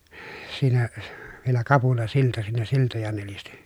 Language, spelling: Finnish, siinä vielä kapulasilta siinä siltoja nelisti
- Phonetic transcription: siinä , vielä kapulasilta siinä siltoja nelisti .

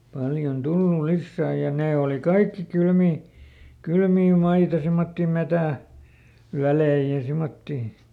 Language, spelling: Finnish, paljon tullut lisää ja ne oli kaikki kylmiä kylmiä maita semmoisia - metsänvälejä ja semmoisia
- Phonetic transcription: ˈpaljon ˈtullul̆ ˈlissää ja ˈnee òli "kaikki ˈkylmii , ˈkylmii ˈmaita simmotti ˈmetä̀- , -ˈvälei ja ˈsimmottì .

